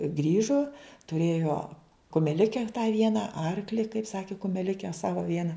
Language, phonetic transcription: Lithuanian, ˈgrįžo tuˈrėjo kumeˈlike tą ˈviena ˈarkli kaip ˈsaki kumeˈlike ˈsava ˈviena

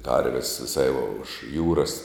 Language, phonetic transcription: Lithuanian, ˈkarvis viˈsai už ˈjūras

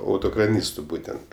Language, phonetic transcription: Lithuanian, ˈautokraˌnystu ˈbūtent

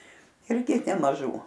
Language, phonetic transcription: Lithuanian, ˈirgi nemaˈžų

